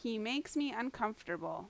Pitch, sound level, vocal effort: 240 Hz, 85 dB SPL, loud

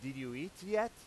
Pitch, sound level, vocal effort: 180 Hz, 97 dB SPL, loud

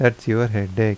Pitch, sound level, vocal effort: 115 Hz, 81 dB SPL, normal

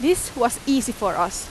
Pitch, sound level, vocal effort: 240 Hz, 87 dB SPL, very loud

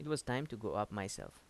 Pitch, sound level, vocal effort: 105 Hz, 82 dB SPL, normal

